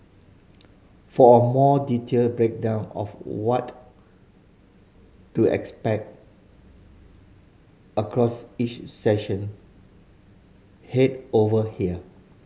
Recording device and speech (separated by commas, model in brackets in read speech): mobile phone (Samsung C5010), read sentence